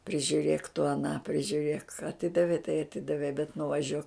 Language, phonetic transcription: Lithuanian, prižiuˈrėk tu aˈną prižiuˈrėk aˈtidavei tai aˈtidavei bet nuvaˈžiuok

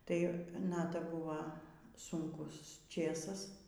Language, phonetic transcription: Lithuanian, ˈtai ˈnata ˈbuva sunˈkus ˈčėsas

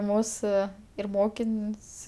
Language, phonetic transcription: Lithuanian, ˈmūsu ir ˈmokin's'

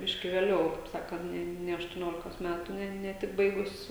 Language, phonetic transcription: Lithuanian, ˈbiški vėˈliau kaip ˈsakant ˈne ne aštuˈniolikos ˈmætu ne ne ˈtik ˈbaigus

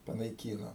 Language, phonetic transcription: Lithuanian, panaiˈkyno

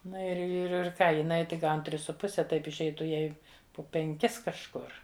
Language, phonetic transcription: Lithuanian, ˈna ir ir ir ˈką jiˈnai tik ˈgaun ˈtris su ˈpuse ˈtaip išˈeitu ˈjai po penˈkis kažˈkur

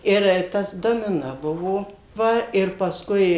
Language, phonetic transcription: Lithuanian, ˈir ˈtas domiˈno ˈbuvo ˈva ir pasˈkui

